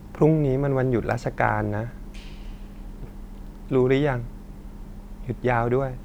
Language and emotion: Thai, sad